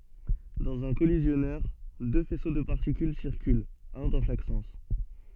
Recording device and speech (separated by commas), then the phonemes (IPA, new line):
soft in-ear microphone, read sentence
dɑ̃z œ̃ kɔlizjɔnœʁ dø fɛso də paʁtikyl siʁkylt œ̃ dɑ̃ ʃak sɑ̃s